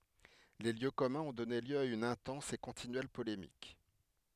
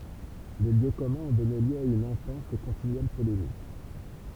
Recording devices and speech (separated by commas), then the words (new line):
headset microphone, temple vibration pickup, read sentence
Les lieux communs ont donné lieu à une intense et continuelle polémique.